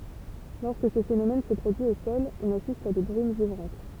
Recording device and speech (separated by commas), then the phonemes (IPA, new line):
temple vibration pickup, read sentence
lɔʁskə sə fenomɛn sə pʁodyi o sɔl ɔ̃n asist a de bʁym ʒivʁɑ̃t